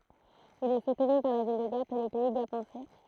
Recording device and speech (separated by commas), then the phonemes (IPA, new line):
throat microphone, read sentence
il ɛ sutny paʁ la vil də ɡap e lə pɛi ɡapɑ̃sɛ